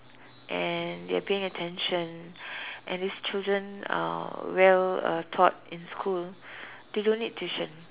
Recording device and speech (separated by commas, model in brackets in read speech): telephone, conversation in separate rooms